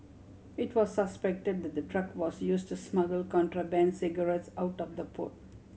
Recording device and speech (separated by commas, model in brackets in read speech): mobile phone (Samsung C7100), read sentence